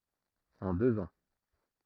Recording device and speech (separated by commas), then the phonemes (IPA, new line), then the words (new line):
throat microphone, read sentence
ɑ̃ døz ɑ̃
En deux ans.